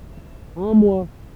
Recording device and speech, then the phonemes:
temple vibration pickup, read sentence
œ̃ mwa

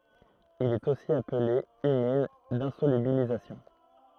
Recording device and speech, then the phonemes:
throat microphone, read sentence
il ɛt osi aple ymin dɛ̃solybilizasjɔ̃

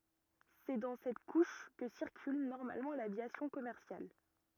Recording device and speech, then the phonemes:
rigid in-ear microphone, read sentence
sɛ dɑ̃ sɛt kuʃ kə siʁkyl nɔʁmalmɑ̃ lavjasjɔ̃ kɔmɛʁsjal

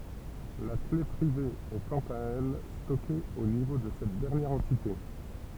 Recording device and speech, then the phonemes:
temple vibration pickup, read sentence
la kle pʁive ɛ kɑ̃t a ɛl stɔke o nivo də sɛt dɛʁnjɛʁ ɑ̃tite

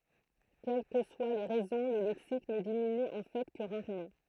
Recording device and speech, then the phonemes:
throat microphone, read sentence
kɛl kə swa le ʁɛzɔ̃ lə lɛksik nə diminy ɑ̃ fɛ kə ʁaʁmɑ̃

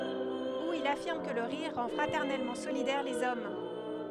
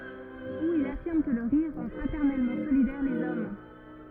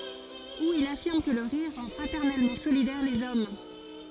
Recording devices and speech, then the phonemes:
headset microphone, rigid in-ear microphone, forehead accelerometer, read sentence
u il afiʁm kə lə ʁiʁ ʁɑ̃ fʁatɛʁnɛlmɑ̃ solidɛʁ lez ɔm

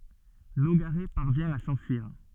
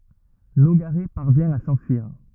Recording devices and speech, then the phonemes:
soft in-ear microphone, rigid in-ear microphone, read sentence
noɡaʁɛ paʁvjɛ̃ a sɑ̃fyiʁ

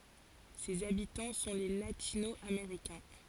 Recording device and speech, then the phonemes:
forehead accelerometer, read sentence
sez abitɑ̃ sɔ̃ le latino ameʁikɛ̃

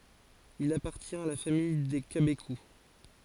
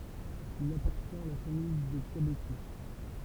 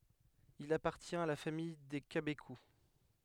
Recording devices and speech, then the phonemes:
forehead accelerometer, temple vibration pickup, headset microphone, read sentence
il apaʁtjɛ̃t a la famij de kabeku

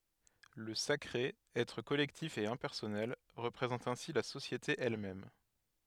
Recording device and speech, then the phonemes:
headset microphone, read sentence
lə sakʁe ɛtʁ kɔlɛktif e ɛ̃pɛʁsɔnɛl ʁəpʁezɑ̃t ɛ̃si la sosjete ɛl mɛm

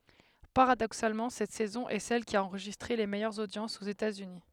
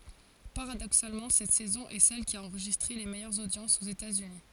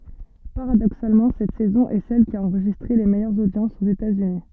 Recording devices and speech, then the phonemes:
headset microphone, forehead accelerometer, soft in-ear microphone, read sentence
paʁadoksalmɑ̃ sɛt sɛzɔ̃ ɛ sɛl ki a ɑ̃ʁʒistʁe le mɛjœʁz odjɑ̃sz oz etatsyni

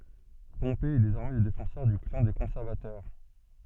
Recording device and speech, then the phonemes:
soft in-ear microphone, read sentence
pɔ̃pe ɛ dezɔʁmɛ lə defɑ̃sœʁ dy klɑ̃ de kɔ̃sɛʁvatœʁ

